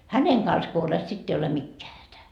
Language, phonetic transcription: Finnish, "häneŋ kans ko olet 'sitt ‿ei ole 'mikkeä hätä .
- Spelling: hänen kanssa kun olet sitten ei ole mikään hätä

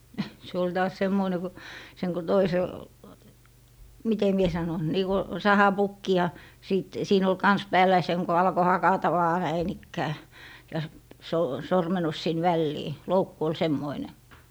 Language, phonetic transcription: Finnish, (äh) , se ol taas 'semmoine ku , seŋ ko 'toisel , "mite mie 'sanon , nii ko , 'sahapukki ja , 'sìt , 'siin ‿ol "kans 'pääl̀ä ja seŋ ko 'alko 'hakata vaa 'näin ‿ikkää , ja s- , soo- , 'sormenus sin "vällii , "loukku ol 'semmoine .
- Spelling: - se oli taas semmoinen kun sen kun toisella miten minä sanon niin kuin sahapukki ja sitten siinä oli kanssa päällä ja sen kun alkoi hakata vain näin ikään ja - - sormennus sinne väliin loukku oli semmoinen

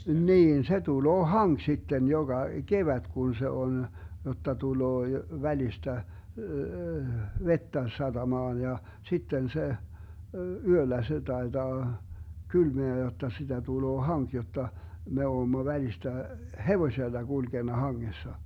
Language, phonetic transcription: Finnish, "niin se 'tuloo "haŋk 'sitten 'joGa , "kevät 'kun se 'on , jotta tuloo 'välistä , "vettä 'saDamaan ja , 'sitten se , 'yöllä se 'taetaa , 'kylmeä 'jotta sitä 'tuloo "haŋk 'jotta , 'me 'oommo 'välistä , "hevośella 'GulGena 'haŋŋessa .
- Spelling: niin se tulee hanki sitten joka kevät kun se on jotta tulee välistä vettä satamaan ja sitten se yöllä se taitaa kylmää jotta sitä tulee hanki jotta me olemme välistä hevosella kulkenut hangessa

